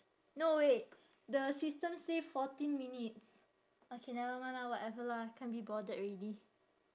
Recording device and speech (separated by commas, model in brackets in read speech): standing microphone, conversation in separate rooms